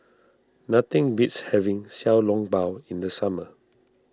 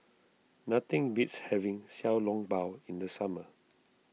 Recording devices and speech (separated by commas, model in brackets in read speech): standing microphone (AKG C214), mobile phone (iPhone 6), read sentence